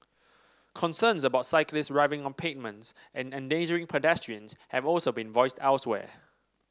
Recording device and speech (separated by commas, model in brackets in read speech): standing microphone (AKG C214), read sentence